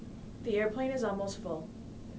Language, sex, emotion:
English
female
neutral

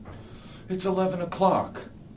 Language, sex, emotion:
English
male
neutral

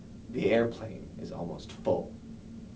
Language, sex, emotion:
English
male
disgusted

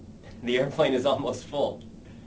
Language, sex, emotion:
English
male
fearful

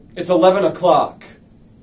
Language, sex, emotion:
English
male
angry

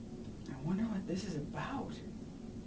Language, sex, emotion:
English
male
fearful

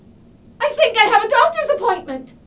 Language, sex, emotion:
English
female
fearful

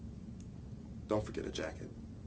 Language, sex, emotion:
English
male
neutral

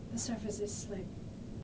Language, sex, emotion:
English
female
fearful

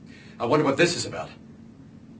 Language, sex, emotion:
English
male
angry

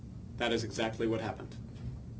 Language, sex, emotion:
English
male
neutral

